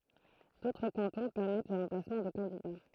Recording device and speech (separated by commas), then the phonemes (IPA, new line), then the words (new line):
throat microphone, read sentence
dotʁ kɑ̃tɔ̃ pɛʁmɛt lə ʁɑ̃plasmɑ̃ də kɑ̃dida
D'autres cantons permettent le remplacement de candidats.